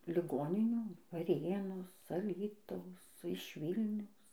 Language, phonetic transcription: Lithuanian, liˈgoninių vaˈrėnos aˈlytaus ˈsu iš ˈvylniaus

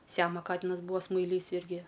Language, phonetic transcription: Lithuanian, ˈsiamo ˈkatinas ˈbūva smaiˈlys ˈirgi

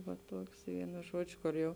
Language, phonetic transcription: Lithuanian, va ˈtuoks ˈvienu ˈžuodžiu kor ˈjau

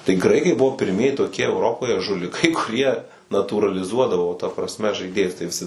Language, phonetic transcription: Lithuanian, tai ˈgraikai ˈbuvo pirˈmieji toˈkie euˈropoje žuliˈkai kuˈrie natūraliˈzuodavo ta prasˈme žaiˈdėjus tai viˈsi

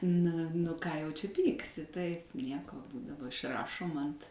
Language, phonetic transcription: Lithuanian, na nu ką jau čia ˈpyksi taip ˈnieko daˈba išˈrašom ant

